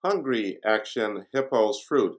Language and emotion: English, neutral